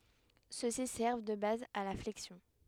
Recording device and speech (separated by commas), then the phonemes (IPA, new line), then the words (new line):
headset microphone, read sentence
søksi sɛʁv də baz a la flɛksjɔ̃
Ceux-ci servent de base à la flexion.